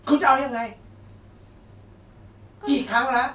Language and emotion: Thai, angry